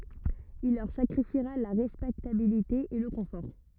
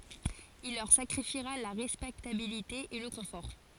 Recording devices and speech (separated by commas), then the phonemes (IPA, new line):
rigid in-ear microphone, forehead accelerometer, read sentence
il lœʁ sakʁifiʁa la ʁɛspɛktabilite e lə kɔ̃fɔʁ